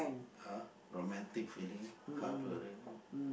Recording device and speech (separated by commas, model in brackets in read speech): boundary microphone, conversation in the same room